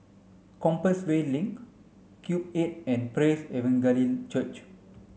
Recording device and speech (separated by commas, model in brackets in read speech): mobile phone (Samsung C5), read sentence